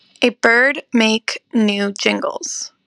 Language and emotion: English, neutral